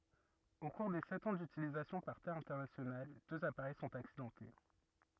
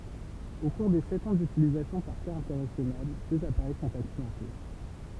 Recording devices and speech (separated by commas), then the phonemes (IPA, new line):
rigid in-ear microphone, temple vibration pickup, read sentence
o kuʁ de sɛt ɑ̃ dytilizasjɔ̃ paʁ te ɛ̃tɛʁnasjonal døz apaʁɛj sɔ̃t aksidɑ̃te